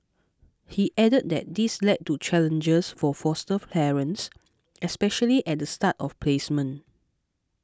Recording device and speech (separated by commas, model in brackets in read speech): close-talking microphone (WH20), read sentence